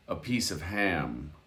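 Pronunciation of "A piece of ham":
In 'a piece of ham', the f sound of 'of' comes through and is heard. 'Ham' begins very softly, almost like a word starting with a vowel.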